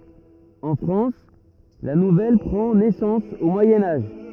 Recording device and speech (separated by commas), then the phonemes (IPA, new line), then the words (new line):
rigid in-ear microphone, read sentence
ɑ̃ fʁɑ̃s la nuvɛl pʁɑ̃ nɛsɑ̃s o mwajɛ̃ aʒ
En France, la nouvelle prend naissance au Moyen Âge.